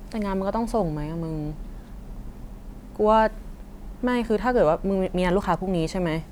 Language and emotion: Thai, frustrated